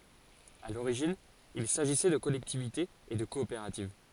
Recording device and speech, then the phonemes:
forehead accelerometer, read sentence
a loʁiʒin il saʒisɛ də kɔlɛktivitez e də kɔopeʁativ

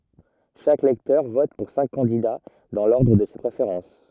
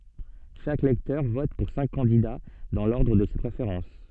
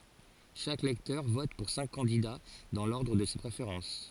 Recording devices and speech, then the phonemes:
rigid in-ear microphone, soft in-ear microphone, forehead accelerometer, read sentence
ʃak lɛktœʁ vɔt puʁ sɛ̃k kɑ̃dida dɑ̃ lɔʁdʁ də se pʁefeʁɑ̃s

